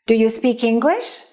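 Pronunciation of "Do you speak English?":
In 'Do you speak English?', the k at the end of 'speak' links straight into 'English' and sounds like part of that word, so the words are not cut apart.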